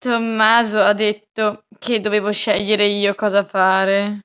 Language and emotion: Italian, disgusted